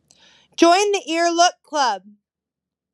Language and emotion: English, sad